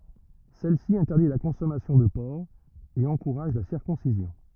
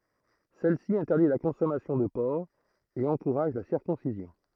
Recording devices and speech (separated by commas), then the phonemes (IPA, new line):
rigid in-ear microphone, throat microphone, read sentence
sɛlsi ɛ̃tɛʁdi la kɔ̃sɔmasjɔ̃ də pɔʁk e ɑ̃kuʁaʒ la siʁkɔ̃sizjɔ̃